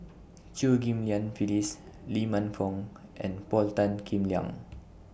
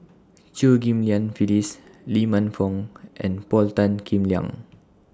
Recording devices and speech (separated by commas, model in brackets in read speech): boundary microphone (BM630), standing microphone (AKG C214), read sentence